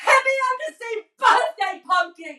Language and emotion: English, angry